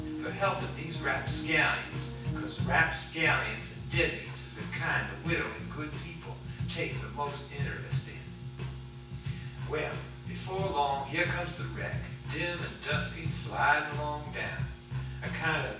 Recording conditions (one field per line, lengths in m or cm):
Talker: one person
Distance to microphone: 9.8 m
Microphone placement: far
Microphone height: 1.8 m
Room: large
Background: music